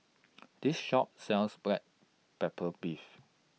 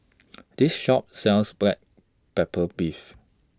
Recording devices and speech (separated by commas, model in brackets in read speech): mobile phone (iPhone 6), standing microphone (AKG C214), read sentence